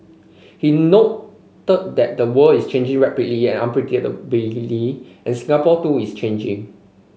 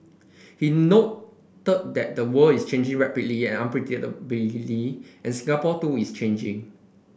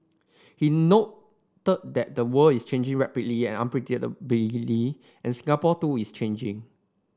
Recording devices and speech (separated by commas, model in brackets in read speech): mobile phone (Samsung C5), boundary microphone (BM630), standing microphone (AKG C214), read sentence